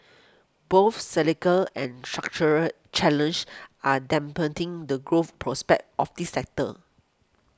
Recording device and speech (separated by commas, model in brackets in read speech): close-talking microphone (WH20), read sentence